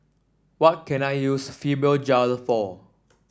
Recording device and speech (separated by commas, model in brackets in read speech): standing microphone (AKG C214), read sentence